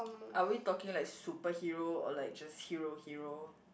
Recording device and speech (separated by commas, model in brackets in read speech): boundary microphone, conversation in the same room